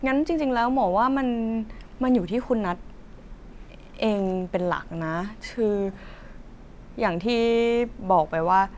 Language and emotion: Thai, neutral